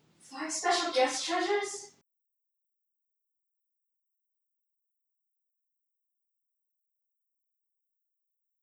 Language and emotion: English, fearful